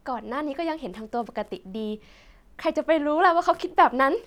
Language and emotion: Thai, happy